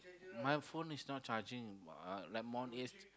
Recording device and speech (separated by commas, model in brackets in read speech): close-talking microphone, conversation in the same room